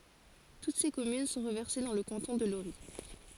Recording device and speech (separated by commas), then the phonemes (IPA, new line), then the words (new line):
forehead accelerometer, read sentence
tut se kɔmyn sɔ̃ ʁəvɛʁse dɑ̃ lə kɑ̃tɔ̃ də loʁi
Toutes ses communes sont reversées dans le canton de Lorris.